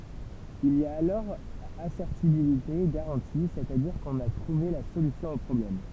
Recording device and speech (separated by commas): temple vibration pickup, read sentence